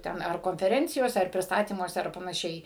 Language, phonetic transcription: Lithuanian, ˈten ar konfeˈrencijose ar prisˈtatymuose ar panaˈšiai

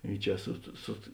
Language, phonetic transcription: Lithuanian, i ˈčia sut sut

